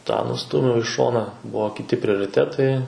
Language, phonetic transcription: Lithuanian, tą nuˈstūmiau i ˈšona ˈbuvo kiˈti prioriˈtetai

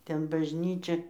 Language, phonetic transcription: Lithuanian, ˈten bažˈnyčia

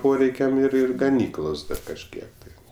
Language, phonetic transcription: Lithuanian, ˈporeikiam ir ˈir gaˈnyklos ˈda kažˈkiek tai

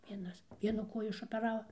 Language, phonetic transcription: Lithuanian, ˈvienas ˈvienu ˈkoju išopeˈrava

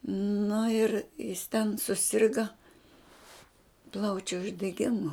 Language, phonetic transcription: Lithuanian, nu ir jis ten suˈsirga ˈplaučiu uždeˈgimu

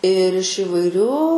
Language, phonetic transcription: Lithuanian, ir iš įvaiˈrių

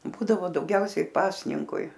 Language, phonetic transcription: Lithuanian, ˈbūdavo dauˈgiausiai ˈpasninkui

